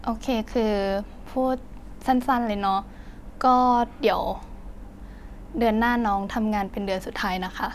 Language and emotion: Thai, frustrated